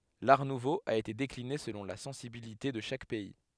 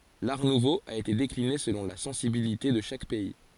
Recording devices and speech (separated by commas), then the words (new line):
headset microphone, forehead accelerometer, read sentence
L'Art nouveau a été décliné selon la sensibilité de chaque pays.